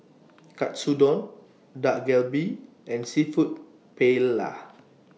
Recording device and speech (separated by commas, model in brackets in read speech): mobile phone (iPhone 6), read sentence